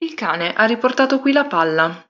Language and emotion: Italian, neutral